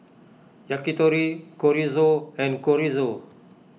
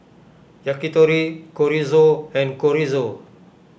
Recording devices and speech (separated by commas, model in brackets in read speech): mobile phone (iPhone 6), boundary microphone (BM630), read sentence